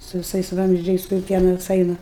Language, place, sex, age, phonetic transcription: Lithuanian, Aukštaitija, female, 60+, su viˈsais ˈvamzdžiais kur ˈpienas ˈaina

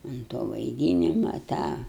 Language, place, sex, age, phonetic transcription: Lithuanian, Aukštaitija, female, 60+, un to vaiˈdynima ˈtą

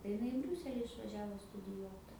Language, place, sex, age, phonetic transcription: Lithuanian, Aukštaitija, female, 18-60, tai iˈnai i ˈbriūseli išvaˈžiavo studiˈjuot

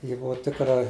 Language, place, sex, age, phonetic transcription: Lithuanian, Žemaitija, male, 60+, ˈji ˈbuvo ˈtikra

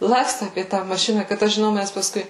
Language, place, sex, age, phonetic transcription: Lithuanian, Suvalkija, female, 18-60, ˈlakstu apie tą maˈšina kad ˈaš žiˈnau ˈmæs pasˈkui

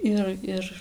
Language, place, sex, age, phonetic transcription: Lithuanian, Dzūkija, female, 18-60, ˈir ˈir

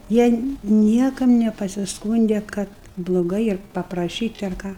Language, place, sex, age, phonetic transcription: Lithuanian, Aukštaitija, female, 60+, ˈjie ˈniekam nepasisˈkūnde kad bloˈgai ir papraˈšyt' ar ˈką

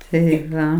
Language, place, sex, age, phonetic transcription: Lithuanian, Aukštaitija, female, 60+, tai ˈva

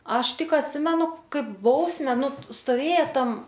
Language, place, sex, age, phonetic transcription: Lithuanian, Aukštaitija, female, 18-60, ˈaš ˈtik atˈsimenu ˈkaip ˈbausme ˈnu stoˈvėja ˈtam

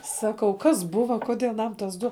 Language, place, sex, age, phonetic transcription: Lithuanian, Žemaitija, female, 18-60, ˈsakau ˈkas ˈbuva ˈkudė aˈnam tas ˈdu

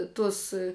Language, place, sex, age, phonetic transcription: Lithuanian, Žemaitija, female, 18-60, ˈtus

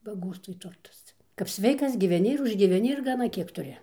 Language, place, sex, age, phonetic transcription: Lithuanian, Dzūkija, female, 60+, baˈgostvoj ˈturtas ˈcia kap ˈsveikas giveˈni ir užgyveˈni ir gaˈna ˈkiek tuˈri

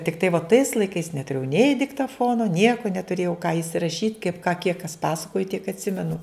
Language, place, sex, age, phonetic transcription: Lithuanian, Žemaitija, female, 60+, tikˈtai vo tais laiˈkais netuˈrėjau nei diktaˈfono ˈnieku netuˈrėjau ką isiraˈšyt' kaip ką kiek kas ˈpasakoji tiek atˈsimenu

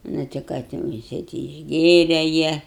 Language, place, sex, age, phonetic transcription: Lithuanian, Aukštaitija, female, 60+, ˈnu ti ˈką ten jiˈsai ˈti išˈgėre ˈjie

